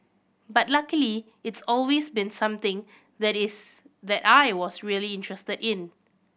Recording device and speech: boundary microphone (BM630), read sentence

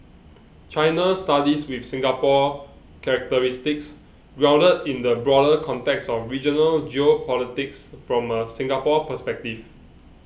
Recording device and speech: boundary microphone (BM630), read sentence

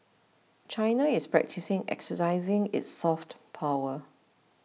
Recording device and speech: mobile phone (iPhone 6), read sentence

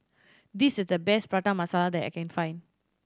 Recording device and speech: standing microphone (AKG C214), read sentence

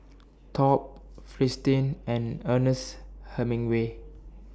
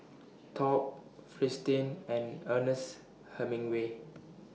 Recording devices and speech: standing microphone (AKG C214), mobile phone (iPhone 6), read sentence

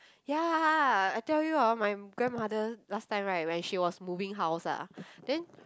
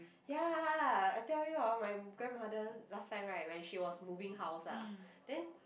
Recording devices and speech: close-talking microphone, boundary microphone, conversation in the same room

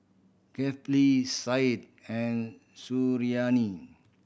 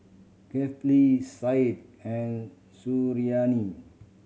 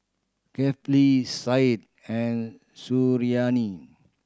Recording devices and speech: boundary microphone (BM630), mobile phone (Samsung C7100), standing microphone (AKG C214), read sentence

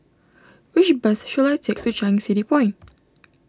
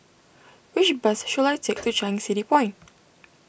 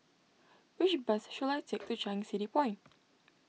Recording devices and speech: standing microphone (AKG C214), boundary microphone (BM630), mobile phone (iPhone 6), read sentence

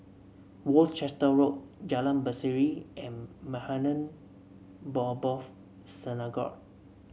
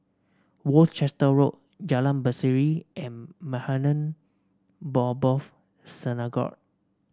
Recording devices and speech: mobile phone (Samsung C7), standing microphone (AKG C214), read sentence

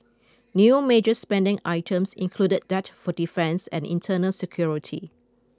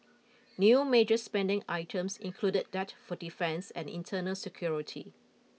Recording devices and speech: close-talking microphone (WH20), mobile phone (iPhone 6), read sentence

